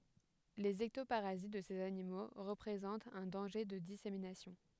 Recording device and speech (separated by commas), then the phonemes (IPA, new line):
headset microphone, read sentence
lez ɛktopaʁazit də sez animo ʁəpʁezɑ̃tt œ̃ dɑ̃ʒe də diseminasjɔ̃